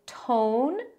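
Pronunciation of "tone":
'Tone' is an incorrect way to say the last syllable of 'Washington': the syllable is not reduced to a schwa.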